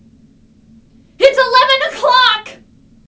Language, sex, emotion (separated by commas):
English, female, fearful